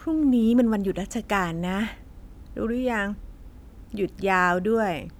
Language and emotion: Thai, neutral